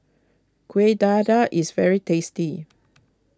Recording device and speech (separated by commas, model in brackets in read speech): close-talking microphone (WH20), read sentence